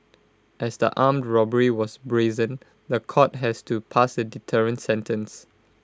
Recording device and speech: close-talking microphone (WH20), read sentence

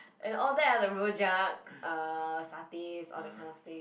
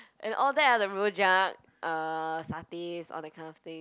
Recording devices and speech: boundary microphone, close-talking microphone, conversation in the same room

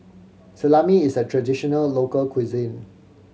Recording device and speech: mobile phone (Samsung C7100), read sentence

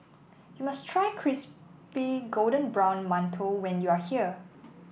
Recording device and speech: boundary microphone (BM630), read sentence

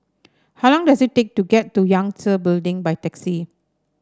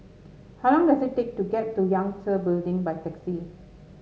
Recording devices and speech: standing microphone (AKG C214), mobile phone (Samsung S8), read sentence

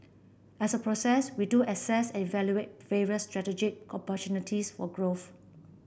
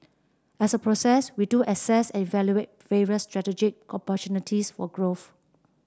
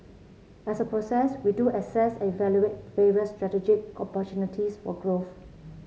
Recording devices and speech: boundary microphone (BM630), standing microphone (AKG C214), mobile phone (Samsung C7), read sentence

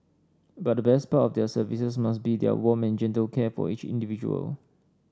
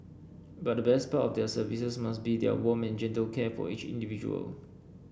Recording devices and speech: standing microphone (AKG C214), boundary microphone (BM630), read sentence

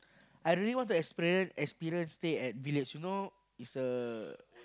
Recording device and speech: close-talking microphone, conversation in the same room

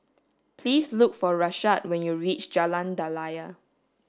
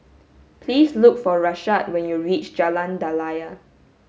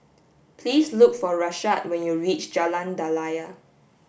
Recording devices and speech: standing microphone (AKG C214), mobile phone (Samsung S8), boundary microphone (BM630), read sentence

